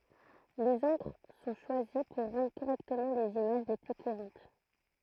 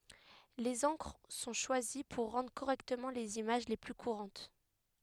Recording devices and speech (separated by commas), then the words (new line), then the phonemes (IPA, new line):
throat microphone, headset microphone, read sentence
Les encres sont choisies pour rendre correctement les images les plus courantes.
lez ɑ̃kʁ sɔ̃ ʃwazi puʁ ʁɑ̃dʁ koʁɛktəmɑ̃ lez imaʒ le ply kuʁɑ̃t